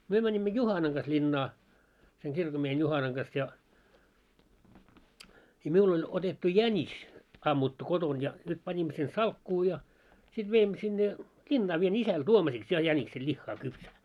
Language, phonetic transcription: Finnish, 'myö 'mäńimmö "Juhanaŋ ɢas 'ĺinnaa , seŋ 'kirkommiehen 'Juhanaŋ ɢas ja , i 'miul oĺ otettu "jäńis , ammuttu 'koton ja , nyt 'pańimmo sen "salkkuu ja , sit 'veimmö sinne , 'ĺinnaa vie'n ‿isäl "tuomasiks ja 'jäniksel 'ĺihhaa kypsää .
- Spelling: me menimme Juhanan kanssa linnaan sen kirkonmiehen Juhanan kanssa ja - minulla oli otettu jänis ammuttu kotona ja nyt panimme sen salkkuun ja sitten veimme sinne linnaan vien isälle tuomisiksi ja jäniksen lihaa kypsää

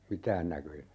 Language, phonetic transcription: Finnish, "mitään 'näköjä .
- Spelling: mitään näköjä

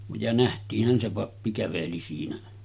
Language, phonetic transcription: Finnish, ja nähtiih̆hän se 'pappi 'käveli siinä .
- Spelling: ja nähtiinhän se pappi käveli siinä

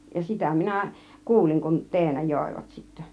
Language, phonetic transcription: Finnish, ja "sitä 'minä , "kuuliŋ kun , "teenä 'jòivat sittä .
- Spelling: ja sitä minä kuulin kun teenä joivat sitten

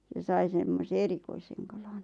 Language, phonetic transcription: Finnish, se 'sai semmose "erikoiseŋ 'kalan .
- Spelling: se sai semmoisen erikoisen kalan

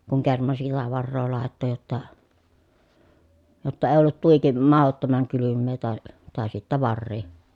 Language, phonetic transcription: Finnish, kuŋ kerman sillä varroo làetto jotta , jotta ee ollut tuiki mahottomaŋ kylymmee tàe , tàe sittä varrii .
- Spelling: kun kerman sillä varaa laittoi jotta jotta ei ollut tuiki mahdottoman kylmää tai tai sitten varia

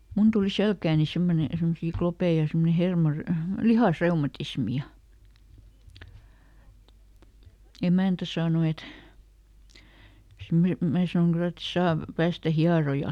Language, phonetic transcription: Finnish, ˈmun tuli "selkääni ˈsemmone , ˈsemmosii klopee ja ˈsemmone ˈhermor- , "lihasˈreumatismi ja , ˈemä̀ntä saano et , sim- ˈmää sanoŋ ˈkylä et "saav- , ˈpäästä ˈhiarojal .
- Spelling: minun tuli selkääni semmoinen semmoisia kloppeja ja semmoinen - lihasreumatismi ja emäntä sanoi että - minä sanon kyllä että - päästä hierojalle

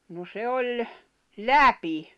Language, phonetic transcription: Finnish, no 'se oĺ , "läpi .
- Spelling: no se oli läpi

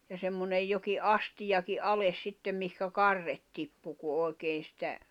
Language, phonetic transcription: Finnish, ja 'semmonej joki’ "’astijaki "’ales 'sittem mihkä "karret tippu ku 'òi̬kee sⁱtä ,.
- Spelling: ja semmoinen jokin astiakin alas sitten mihin karret tippui kun oikein sitä

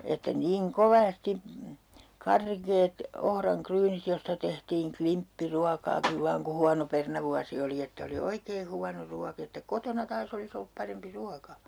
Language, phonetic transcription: Finnish, että 'niiŋ "kovas'ti , "karkeet , 'ohraŋ'kryynit josta tehtiiŋ 'klimppi'ruakaakiv vaaŋ ku 'huano 'pernavuasi oli että oli "oikee 'huano 'ruak ‿että 'kotona 'taas ‿olis ‿ollup 'parempi 'ruaka .
- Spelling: että niin kovasti karkeat ohranryynit josta tehtiin klimppiruokaakin vain kun huono perunavuosi oli että oli oikein huono ruoka että kotona taas olisi ollut parempi ruoka

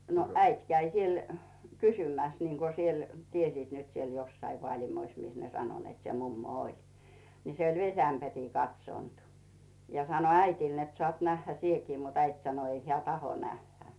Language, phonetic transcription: Finnish, no 'äit käi "siel , "kysymäs niŋko siel 'tiesiit nyt siel 'jossai Vaalimois mis ne 'sano net se 'mummo "oĺ , ni 'se oĺ "vesämpärii 'katsònt , ja 'sano "äitìl net sᵒàt 'nähhä "sieki mut 'äit sano ei heä̀ "taho 'nähhä .
- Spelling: no äiti kävi siellä kysymässä niin kuin siellä tiesivät nyt siellä jossakin Vaalimoissa missä ne sanoi että se mummo oli niin se oli vesiämpäriin katsonut ja sanoi äidille että saat nähdä sinäkin mutta äiti sanoi ei hän tahdo nähdä

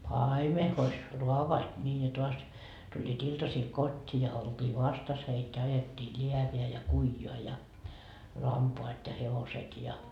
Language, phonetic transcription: Finnish, "paime hois , 'ruavoat ńii ja toas , tuĺĺii't ‿iltasiil "kot́t́ii ja olt́ii "vastas heit ja 'ajettii "ĺiäveä ja "kuijoa ja , 'lampoat ja 'hevoset ja .
- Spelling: paimen hoiti raavaat niin ja taas tulivat iltasilla kotiin ja oltiin vastassa heitä ja ajettiin läävään ja kujaan ja lampaat ja hevoset ja

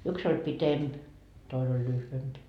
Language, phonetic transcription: Finnish, yks ‿oĺ 'pitemp , 'toin ‿oĺ 'lyhvemp .
- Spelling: yksi oli pitempi toinen oli lyhyempi

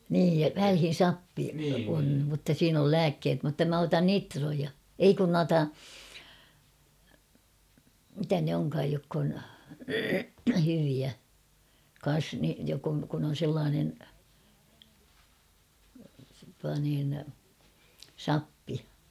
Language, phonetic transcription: Finnish, nii , 'välhin̬ "sappi on̳ mutta 'siin ‿ol "lääkkeet mutta 'mä 'otan "nitroja , 'ei kun 'nuata , 'mitä ne oŋkaaj jokk ‿on , hyviä , kan̬s ni- jok ‿on , kun ‿on̬ 'sellaanen , tua niin , "sappi .
- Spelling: niin välillä sappi on mutta siinä oli lääkkeet mutta minä otan nitroja ei kun noita mitä ne onkaan jotka on hyviä kanssa - jotka on kun on sellainen tuo niin sappi

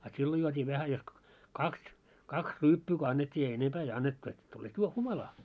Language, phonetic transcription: Finnish, a 'sillo juot́ii vähä jos kᵒ , "kaks , 'kaks 'ryyppyy ko 'annet́t́ii ei 'enempää ei 'annettu et , tulet 'juo- 'humalaa .
- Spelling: a silloin juotiin vähän jos - kaksi kaksi ryyppyä kun annettiin ei enempää ei annettu että tulet - humalaan

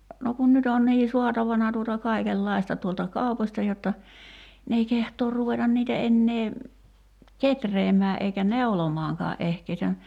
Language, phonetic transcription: Finnish, no kun 'nyt ‿on nii 'suatavana tuota 'kaikel'laista tuolta 'kaupośta jotta , n ‿ei 'kehtoor 'ruveta niitä 'ennee , "ketreemää '’eikä "neu̬lomaaŋkaa '’ehkei (sitä ni) ,.
- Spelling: no kun nyt on niin saatavana tuota kaikenlaista tuolta kaupoista jotta ne ei kehtaa ruveta niitä enää kehräämään eikä neulomaankaan ehkä ei sitä niin

